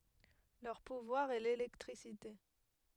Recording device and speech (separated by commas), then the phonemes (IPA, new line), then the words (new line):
headset microphone, read sentence
lœʁ puvwaʁ ɛ lelɛktʁisite
Leur pouvoir est l'électricité.